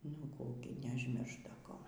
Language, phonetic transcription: Lithuanian, nu ˈkų gi neužˈmiršt ˈda ˈko

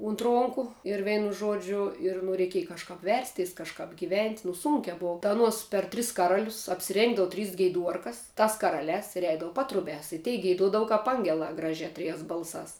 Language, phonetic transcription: Lithuanian, unt ˈronku ir ˈveinu ˈžuodžiu ir nu reiˈkieja kažˈkap ˈversˌteis kažˈkap giˈvent' nu ˈsūnkia ˈbova ta aˈnuos per ˈtris kaˈralius apsiˈrėngdavu ˈtrys geiˈduorkas ˈtas kaˈralēs ir ˈeidavu ˈpatrubiās i tei geiˈduodava ˈkap ˈangelā ˈgražē ˈtrijēs ˈbalsās

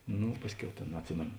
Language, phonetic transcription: Lithuanian, ˈnu ˈpasˌkiau ˈtėn atˈsimėno

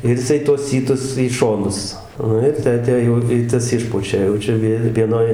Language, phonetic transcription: Lithuanian, ir jiˈsai tuos ˈsytus į ˈšonus ˈnu ir ˈtę ˈtę jau i ˈtas ˈišpučia jau ˈčia ˈvi vieˈnoj

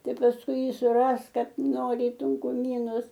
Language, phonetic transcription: Lithuanian, ˈtai pasˈkui ˈjį suˈrask ˈkad ˈnori i tunkuˈmynus

